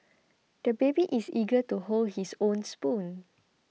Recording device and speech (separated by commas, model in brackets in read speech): mobile phone (iPhone 6), read sentence